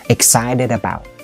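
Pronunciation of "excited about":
In 'excited about', the d sound at the end of 'excited' links straight into 'about'.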